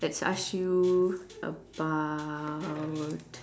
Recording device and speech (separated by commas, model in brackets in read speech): standing microphone, conversation in separate rooms